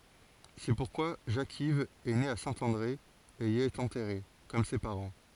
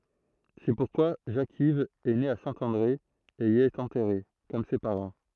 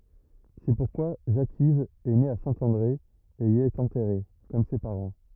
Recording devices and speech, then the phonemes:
forehead accelerometer, throat microphone, rigid in-ear microphone, read sentence
sɛ puʁkwa ʒakiv ɛ ne a sɛ̃ɑ̃dʁe e i ɛt ɑ̃tɛʁe kɔm se paʁɑ̃

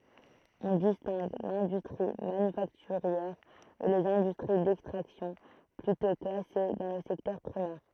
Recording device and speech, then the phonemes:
throat microphone, read sentence
ɔ̃ distɛ̃ɡ lɛ̃dystʁi manyfaktyʁjɛʁ e lez ɛ̃dystʁi dɛkstʁaksjɔ̃ plytɔ̃ klase dɑ̃ lə sɛktœʁ pʁimɛʁ

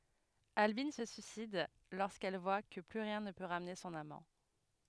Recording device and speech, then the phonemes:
headset microphone, read sentence
albin sə syisid loʁskɛl vwa kə ply ʁjɛ̃ nə pø ʁamne sɔ̃n amɑ̃

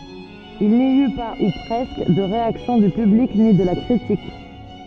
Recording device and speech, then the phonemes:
soft in-ear microphone, read sentence
il ni y pa u pʁɛskə də ʁeaksjɔ̃ dy pyblik ni də la kʁitik

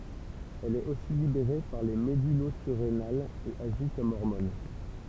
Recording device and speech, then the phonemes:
temple vibration pickup, read sentence
ɛl ɛt osi libeʁe paʁ le medylozyʁenalz e aʒi kɔm ɔʁmɔn

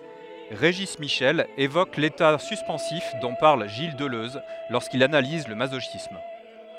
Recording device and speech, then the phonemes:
headset microphone, read sentence
ʁeʒi miʃɛl evok leta syspɑ̃sif dɔ̃ paʁl ʒil dəløz loʁskil analiz lə mazoʃism

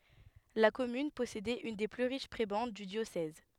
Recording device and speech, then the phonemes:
headset microphone, read sentence
la kɔmyn pɔsedɛt yn de ply ʁiʃ pʁebɑ̃d dy djosɛz

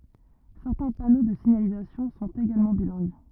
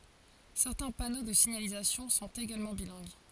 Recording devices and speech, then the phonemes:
rigid in-ear microphone, forehead accelerometer, read sentence
sɛʁtɛ̃ pano də siɲalizasjɔ̃ sɔ̃t eɡalmɑ̃ bilɛ̃ɡ

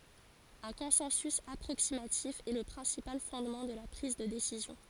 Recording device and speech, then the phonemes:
forehead accelerometer, read sentence
œ̃ kɔ̃sɑ̃sy apʁoksimatif ɛ lə pʁɛ̃sipal fɔ̃dmɑ̃ də la pʁiz də desizjɔ̃

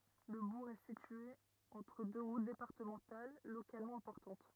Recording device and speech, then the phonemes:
rigid in-ear microphone, read sentence
lə buʁ ɛ sitye ɑ̃tʁ dø ʁut depaʁtəmɑ̃tal lokalmɑ̃ ɛ̃pɔʁtɑ̃t

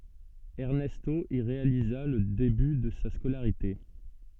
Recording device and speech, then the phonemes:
soft in-ear microphone, read sentence
ɛʁnɛsto i ʁealiza lə deby də sa skolaʁite

